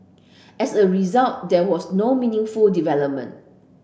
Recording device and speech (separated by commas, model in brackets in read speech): boundary microphone (BM630), read sentence